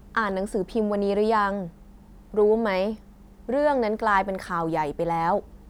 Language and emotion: Thai, neutral